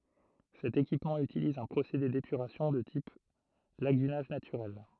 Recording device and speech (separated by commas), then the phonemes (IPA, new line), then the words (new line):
throat microphone, read sentence
sɛt ekipmɑ̃ ytiliz œ̃ pʁosede depyʁasjɔ̃ də tip laɡynaʒ natyʁɛl
Cet équipement utilise un procédé d'épuration de type lagunage naturel.